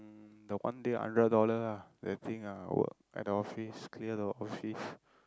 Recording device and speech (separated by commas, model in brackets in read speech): close-talking microphone, conversation in the same room